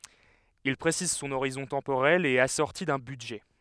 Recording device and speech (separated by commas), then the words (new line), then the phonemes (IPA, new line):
headset microphone, read sentence
Il précise son horizon temporel et est assorti d'un budget.
il pʁesiz sɔ̃n oʁizɔ̃ tɑ̃poʁɛl e ɛt asɔʁti dœ̃ bydʒɛ